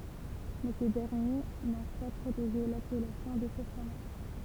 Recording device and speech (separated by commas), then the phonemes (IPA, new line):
temple vibration pickup, read sentence
mɛ se dɛʁnje nɔ̃ pa pʁoteʒe lapɛlasjɔ̃ də sə fʁomaʒ